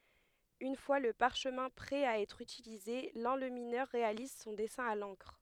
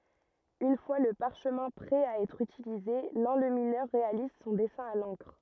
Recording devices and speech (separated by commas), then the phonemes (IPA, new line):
headset microphone, rigid in-ear microphone, read sentence
yn fwa lə paʁʃmɛ̃ pʁɛ a ɛtʁ ytilize lɑ̃lyminœʁ ʁealiz sɔ̃ dɛsɛ̃ a lɑ̃kʁ